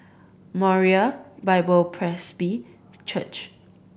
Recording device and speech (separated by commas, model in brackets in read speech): boundary microphone (BM630), read sentence